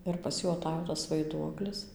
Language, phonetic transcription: Lithuanian, ir pas ˈjų aˈtajo tas vaiˈduoklis

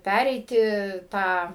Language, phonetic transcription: Lithuanian, ˈpæreiti ˈtą

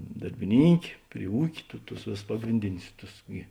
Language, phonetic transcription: Lithuanian, darbiˈnynkė pri ˈūkė tu tus ˈvėˌsus ˈpagrindinius ˈtus gi

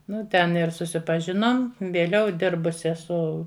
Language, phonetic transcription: Lithuanian, ˈnu ten ir susipaˈžinom vėˈliau ˈdirbusi eˈsu

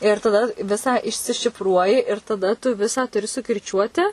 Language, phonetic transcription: Lithuanian, ir taˈda ˈvisą išsišifˈruoji ir taˈda tu ˈvisą tuˈri sukirˈčiuoti

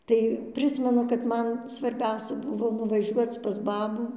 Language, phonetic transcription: Lithuanian, ˈtai ˈprismenu kad ˈman svarˈbiausia ˈbuvo nuvaˈžiuoc pas ˈbabų

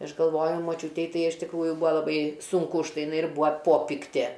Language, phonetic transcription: Lithuanian, ˈaš galˈvoju moˈčiūtei ˈtai iš tikˈrųju ˈbūa laˈbai ˈsunku už ˈtai jiˈnai ir ˈbua ˈpopiktė

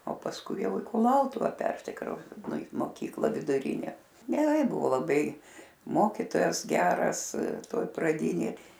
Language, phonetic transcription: Lithuanian, o pasˈkui ˈjau i kuˈlautuva ˈpersikraus i moˈkyklą viduˈrynę geˈrai ˈbuvo laˈbai ˈmokytojas ˈgeras ˈtoj praˈdynėj

